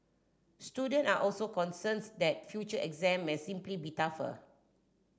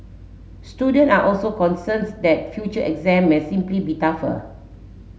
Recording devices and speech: standing microphone (AKG C214), mobile phone (Samsung S8), read sentence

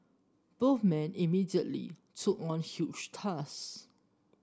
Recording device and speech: standing microphone (AKG C214), read sentence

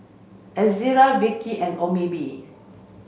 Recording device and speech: mobile phone (Samsung C5), read sentence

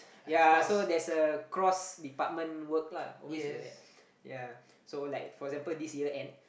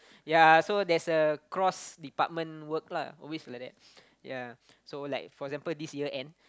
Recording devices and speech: boundary microphone, close-talking microphone, conversation in the same room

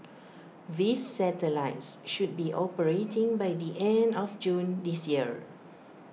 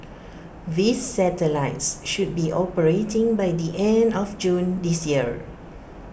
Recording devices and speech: mobile phone (iPhone 6), boundary microphone (BM630), read sentence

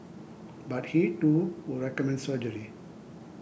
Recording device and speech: boundary microphone (BM630), read sentence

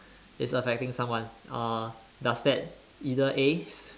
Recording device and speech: standing microphone, conversation in separate rooms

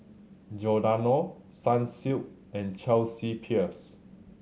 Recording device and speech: mobile phone (Samsung C7100), read sentence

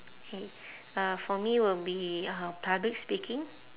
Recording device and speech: telephone, conversation in separate rooms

